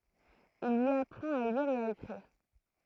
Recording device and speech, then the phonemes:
throat microphone, read sentence
il i apʁɑ̃t a liʁ e a ekʁiʁ

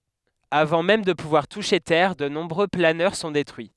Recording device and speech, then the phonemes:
headset microphone, read sentence
avɑ̃ mɛm də puvwaʁ tuʃe tɛʁ də nɔ̃bʁø planœʁ sɔ̃ detʁyi

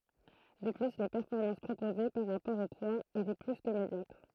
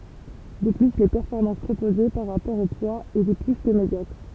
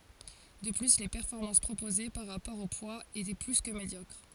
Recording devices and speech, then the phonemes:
throat microphone, temple vibration pickup, forehead accelerometer, read sentence
də ply le pɛʁfɔʁmɑ̃s pʁopoze paʁ ʁapɔʁ o pwaz etɛ ply kə medjɔkʁ

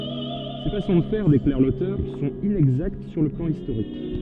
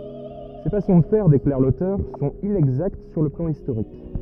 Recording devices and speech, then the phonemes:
soft in-ear microphone, rigid in-ear microphone, read sentence
se fasɔ̃ də fɛʁ deklaʁ lotœʁ sɔ̃t inɛɡzakt syʁ lə plɑ̃ istoʁik

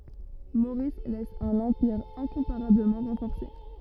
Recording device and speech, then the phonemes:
rigid in-ear microphone, read sentence
moʁis lɛs œ̃n ɑ̃piʁ ɛ̃kɔ̃paʁabləmɑ̃ ʁɑ̃fɔʁse

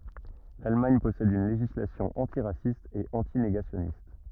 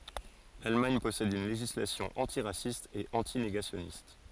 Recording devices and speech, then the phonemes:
rigid in-ear microphone, forehead accelerometer, read sentence
lalmaɲ pɔsɛd yn leʒislasjɔ̃ ɑ̃tiʁasist e ɑ̃tineɡasjɔnist

